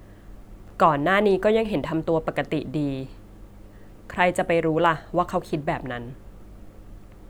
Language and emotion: Thai, neutral